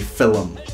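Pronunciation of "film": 'Film' is said with an extra syllable added, which is a very Scottish way of saying it.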